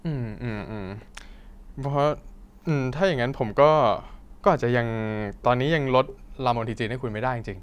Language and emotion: Thai, frustrated